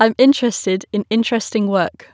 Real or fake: real